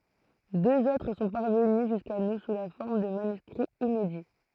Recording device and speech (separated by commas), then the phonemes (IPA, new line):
throat microphone, read sentence
døz otʁ sɔ̃ paʁvəny ʒyska nu su la fɔʁm də manyskʁiz inedi